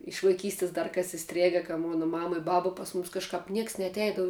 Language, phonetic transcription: Lithuanian, iš vaiˈkystis ˈdar ˈkas iˈstrėga ka ˈmona ˈmama i ˈbaba ˈpas mumis kažˈkap ˈnieks neatˈeidavu

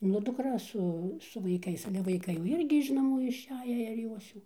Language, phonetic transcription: Lithuanian, nu dukˈra ˈsu su vaiˈkais ˈale vaiˈkai jau ˈirgi iš naˈmų išˈeję ir ˈjos jau

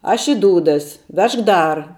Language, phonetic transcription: Lithuanian, ˈaš i ˈdūdas ˈvežk ˈdar

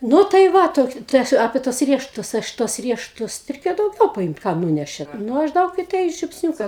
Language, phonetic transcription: Lithuanian, ˈnu tai ˈva ˈtoki ˈtai aš apė tuos ˈriešutus ˈaš tuos ˈriešutus reiˈkėjo dauˈgiau paˈimt ˈkam ˈnūnešėt ˈnu ˈaš ˈdaug i tai žiupsˈniūka

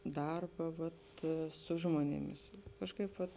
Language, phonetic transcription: Lithuanian, ˈdarba vat ˈsu žmonėˌmis ˈkažˌkaip vat

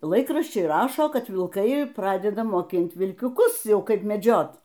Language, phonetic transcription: Lithuanian, ˈlaikraščiai ˈrašo ˈkad vilˈkai ˈpradeda moˈkint vilkiuˈkus ˈjau ˈkaip meˈdžiot

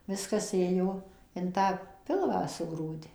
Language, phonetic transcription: Lithuanian, ˈviskas ˈėjo in ˈtą ˈpilvą suˈgrūdi

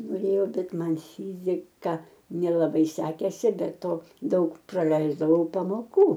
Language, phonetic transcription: Lithuanian, noˈrėjau ˈbet ˈman ˈfyzika nelaˈbai ˈsekėsi be ˈto ˈdaug praˈleisdavau pamoˈkų

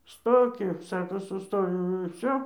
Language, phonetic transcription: Lithuanian, ˈstoki ˈsako suˈstojau ir ˈvsio

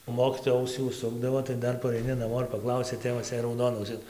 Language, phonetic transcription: Lithuanian, o ˈmokytoja ˈausį užˈsukdavo tai ˈdar paraiˈni naˈmo ir paˈklausia ˈtėvas jei rauˈdona auˈsis

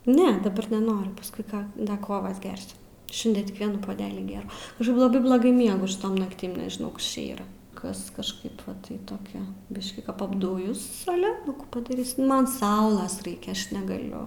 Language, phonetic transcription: Lithuanian, ˈne daˈbar neˈnoriu pasˈkui ˈka ˈda ˈkovas ˈgersiu ˈšindie tik ˈvienų poˈdelį ˈgėrau ˈaš laˈbai bloˈgai ˈmiegu šiˈtom nakˈtim nežiˈnau ˈkas čia ˈyra ˈkas kažˈkaip ˈva tai toˈkia ˈbiškį kap apˈdujus aˈle nu kų padaˈrysi ˈman ˈsaulas ˈraikia ˈaš negaˈliu

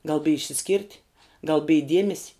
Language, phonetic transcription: Lithuanian, gal bij išsiˈskyrt' gal bij ˈdiemesi

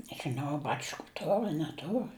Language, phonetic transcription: Lithuanian, nežiˈnau a ˈbačku ˈtor a neˈtor

